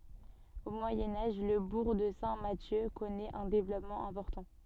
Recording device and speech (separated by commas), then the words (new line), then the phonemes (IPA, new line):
soft in-ear microphone, read sentence
Au Moyen Âge, le bourg de Saint-Mathieu connaît un développement important.
o mwajɛ̃ aʒ lə buʁ də sɛ̃ masjø kɔnɛt œ̃ devlɔpmɑ̃ ɛ̃pɔʁtɑ̃